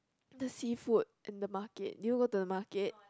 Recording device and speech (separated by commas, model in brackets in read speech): close-talking microphone, conversation in the same room